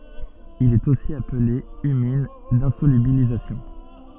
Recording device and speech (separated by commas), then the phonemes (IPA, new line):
soft in-ear microphone, read sentence
il ɛt osi aple ymin dɛ̃solybilizasjɔ̃